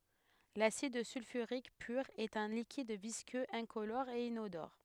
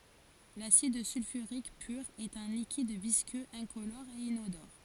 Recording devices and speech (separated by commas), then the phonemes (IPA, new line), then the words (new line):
headset microphone, forehead accelerometer, read sentence
lasid sylfyʁik pyʁ ɛt œ̃ likid viskøz ɛ̃kolɔʁ e inodɔʁ
L'acide sulfurique pur est un liquide visqueux, incolore et inodore.